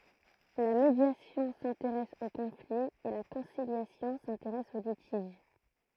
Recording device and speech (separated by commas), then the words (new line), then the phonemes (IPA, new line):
throat microphone, read sentence
La médiation s'intéresse au conflit et la conciliation s'intéresse au litige.
la medjasjɔ̃ sɛ̃teʁɛs o kɔ̃fli e la kɔ̃siljasjɔ̃ sɛ̃teʁɛs o litiʒ